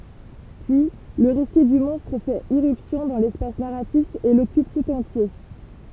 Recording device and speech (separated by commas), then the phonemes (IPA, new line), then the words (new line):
temple vibration pickup, read sentence
pyi lə ʁesi dy mɔ̃stʁ fɛt iʁypsjɔ̃ dɑ̃ lɛspas naʁatif e lɔkyp tut ɑ̃tje
Puis, le récit du monstre fait irruption dans l'espace narratif et l'occupe tout entier.